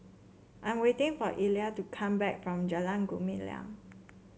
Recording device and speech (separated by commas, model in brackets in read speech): mobile phone (Samsung C7), read sentence